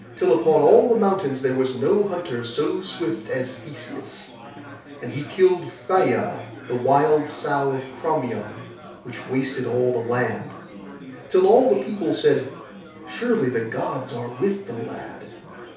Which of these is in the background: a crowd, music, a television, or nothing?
Crowd babble.